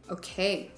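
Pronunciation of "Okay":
'Okay' is said in an annoyed tone.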